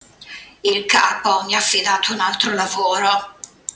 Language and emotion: Italian, disgusted